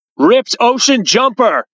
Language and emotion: English, neutral